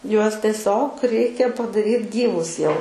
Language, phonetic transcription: Lithuanian, ˈjuos teˈsiog ˈreikia padaˈryt ˈgyvus ˈjau

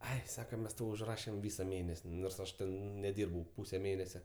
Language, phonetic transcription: Lithuanian, ˈai ˈsaka ˈmes ˈtau užˈrašem ˈvysa ˈmėnes' nors ˈaš ˈten neˈdyrbau ˈpūse ˈmėnese

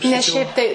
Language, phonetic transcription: Lithuanian, nes ˈšiaip tai

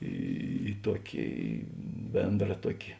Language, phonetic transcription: Lithuanian, ˈį ˈtuoki ˈbėndra ˈtuoki

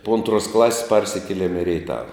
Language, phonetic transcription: Lithuanian, po ˈantruos ˈklasis ˈparsikielem i reiˈtava

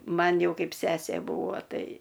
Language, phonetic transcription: Lithuanian, ˈman ˈjau ˈkaip ˈsesė ˈbūvo ˈtai

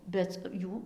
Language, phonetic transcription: Lithuanian, ˈbet ˈjų

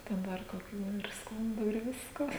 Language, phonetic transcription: Lithuanian, ten ˈdar koˈkių ir ˈskundų ir ˈvisko

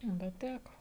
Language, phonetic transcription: Lithuanian, ˈbet ˈtæko

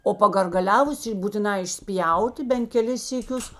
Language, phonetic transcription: Lithuanian, o pagargaˈliavus būtiˈnā išˈspjauti ben keˈlis syˈkius

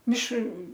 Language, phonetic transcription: Lithuanian, ˈmišr

